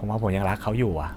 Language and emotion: Thai, sad